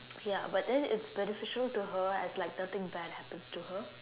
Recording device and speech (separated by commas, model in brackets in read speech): telephone, conversation in separate rooms